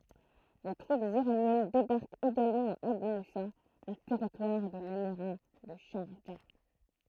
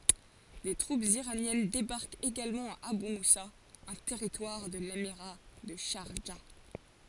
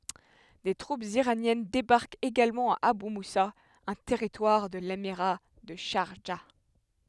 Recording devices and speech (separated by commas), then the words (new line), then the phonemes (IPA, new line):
throat microphone, forehead accelerometer, headset microphone, read sentence
Des troupes iraniennes débarquent également à Abu Moussa, un territoire de l'émirat de Charjah.
de tʁupz iʁanjɛn debaʁkt eɡalmɑ̃ a aby musa œ̃ tɛʁitwaʁ də lemiʁa də ʃaʁʒa